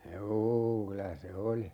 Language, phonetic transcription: Finnish, 'juu kylä se "oli .
- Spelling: juu kyllä se oli

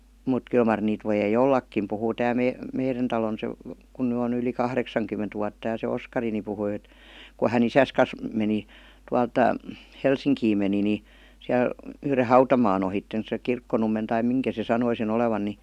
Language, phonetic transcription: Finnish, mut 'kyl mar niit 'vojei ''ollakim puhuu 'tää me- 'meiren talon se (- -) kun ny on ‿yli "kahreksaŋkymment vuatta ja se "Oskari ni 'puhui et , ku 'hä"n ‿isäs kas meni , 'tualt , "Helsiŋkiim meni ni , 'siäl , 'yhre "hau-tamaan ‿ohitten se 'Kirkkonummen tai 'miŋkä se 'sanoi se'n ‿olevan ni .
- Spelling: mutta kyllä mar niitä voi ollakin puhuu tämä - meidän talon se - kun nyt on yli kahdeksankymmentä vuotta ja se Oskari niin puhui että kun hän isänsä kanssa meni tuolta Helsinkiin meni niin siellä yhden hautamaan ohitse se Kirkkonummen tai minkä se sanoi sen olevan niin

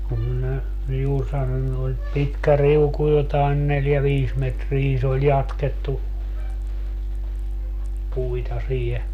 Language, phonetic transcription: Finnish, kum minä , 'juur sanonnu et 'pitkä "riuku jotaen 'neljä "viis metrii se ‿oĺ 'jatkettu , 'puita 'siihe .
- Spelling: kun minä juuri sanonut että pitkä riuku jotakin neljä viisi metriä se oli jatkettu puita siihen

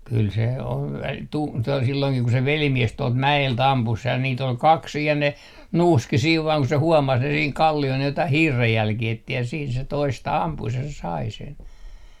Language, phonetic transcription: Finnish, 'kyl se om 'mut , 'kyl se on , tu - to- , silloiŋkih ku se 'velimies 'tuɔlt mä₍el't ‿ampus sej ja nii't ‿ol "kaks 'siij ja ne , "nuuski siiv vaaŋ ku se 'huomas ne siiŋ 'kalli₍ol ne jotaih "hiirrejjälkii etti ja siin se 'toista "ampus ja se "sai 'sen .
- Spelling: kyllä se on mutta kyllä se on - - silloinkin kun se velimies tuolta mäeltä ampui sen ja niitä oli kaksi siinä ja ne nuuski siinä vain kun se huomasi ne siinä kalliolla ne jotakin hiirenjälkiä etsi ja siinä se toista ampui ja se sai sen

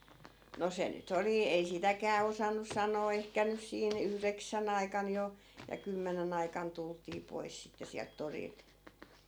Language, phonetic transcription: Finnish, no 'se ny't ‿oli ei "sitäkää 'osannus̆ 'sanoo ehkä 'nys siin , "yhreksä'n ‿aikan jo , ja 'kymmenen ‿aikan 'tultii 'pois sitte siält 'torilt .
- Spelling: no se nyt oli ei sitäkään osannut sanoa ehkä nyt siinä yhdeksän aikana jo ja kymmenen aikana tultiin pois sitten sieltä torilta

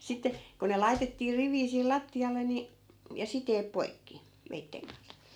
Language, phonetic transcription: Finnish, 'sitte , ko ne 'laitettii 'riv̀ii siil 'latti₍alle ni , ja 'siteep "poikki , 'veitteŋ kan(s) .
- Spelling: sitten kun ne laitettiin riviin siihen lattialle niin ja siteet poikki veitsen kanssa

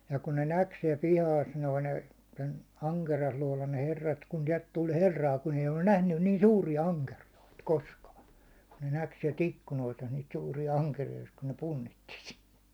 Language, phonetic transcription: Finnish, ja 'kun ne "näk siɛl 'pihaas noi ne , sen 'aŋkerijasuålan ne 'herrat , kun 'siɛlt 'tul "herraa kun eij ‿ollun 'nähnyn niin "suurija 'aŋkerijoit , "koskaa , kun ne 'näk siɛl't ‿ikkunoista niit 'suurija 'aŋkerijoist kun ne 'punnitti si- .
- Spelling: ja kun ne näki siellä pihassa nuo ne sen ankeriaslootan ne herrat kun sieltä tuli herraa kun ei ollut nähnyt niin suuria ankeriaita koskaan kun ne näki sieltä ikkunoista niitä suuria ankeriaista kun ne punnitsi -

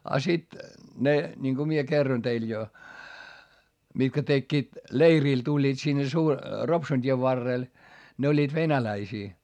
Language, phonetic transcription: Finnish, a sit , ne niŋko mie kerron teil jo , mitkä tekkiit , leirìl tuĺĺiit sinne su- , Ropsun t́iev varrèl , ne oĺĺiit venäläisii .
- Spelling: ja sitten ne niin kun minä kerroin teille jo mitkä tekivät leirille tulivat sinne - Ropsun tien varrelle ne olivat venäläisiä

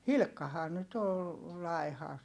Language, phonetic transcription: Finnish, Hilkkahaa nyt ‿ol , lai̮ha .
- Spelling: Hilkkahan nyt oli laiha

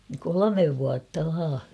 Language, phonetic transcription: Finnish, kolomev vuatta 'vaa .
- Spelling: kolme vuotta vain

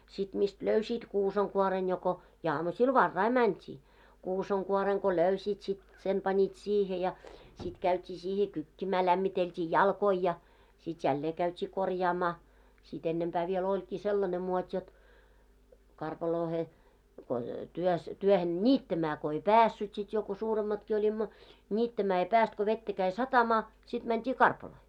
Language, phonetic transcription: Finnish, sit mist "löysiit 'kuusaŋ'kuoren joko , ja 'amusil "varrai mänt́ii , 'kusaŋ'kuoreŋ ko 'löysiit sit , sen pańit siihe ja , 'sit käyt́ii siihe 'kykkimää 'lämmitelt́ii "jalkoi ja , sit 'jällee käyt́ii 'korjaamaa , si't ‿ennempää vie'l ‿oĺkii "sellane 'muot́ jot , 'karpaloohe , ko työs , 'työhen "ńiittämää ko 'ei "päässyt sit jo ko 'suuremmatki 'oĺimmo , 'ńiittämää ei 'pääst ko 'vettä käi "satamaa , sit 'mänt́ii "karpaloo .
- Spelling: sitten mistä löysit kuusenkuoren joko ja aamusilla varhain mentiin kusenkuoren kun löysit sitten sen panit siihen ja sitten käytiin siihen kykkimään lämmiteltiin jalkoja ja sitten jälleen käytiin korjaamaan sitten ennempää vielä olikin sellainen muoti jotta karpaloon kun työssä työhön niittämään kun ei päässyt sitten jo kun suuremmatkin olimme niittämään ei päässyt kun vettä kävi satamaan sitten mentiin karpaloon

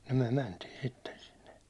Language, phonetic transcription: Finnish, no myäₒ "mäntii 'sitten 'sinne .
- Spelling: no me mentiin sitten sinne

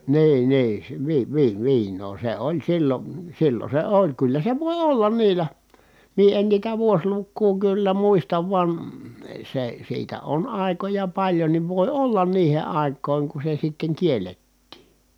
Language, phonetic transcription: Finnish, nii nii , sᵉ , vi- vi- viiǹoo se oĺ sillon̬ , sillon̬ se oĺ kyllä se vòi ollan niilä , mie en niitä vuoslukkuu kyllä muistav van , se , siitä on ài̮koja paĺjonniv vòi ollan niihe ài̮k̆kòi̮ŋ ku se sitteŋ kiellettii .
- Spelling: niin niin se - - viinaa se oli silloin silloin se oli kyllä se voi olla niillä minä en niitä vuosilukua kyllä muista vaan se siitä on aikoja paljonkin voi olla niihin aikoihin kun se sitten kiellettiin

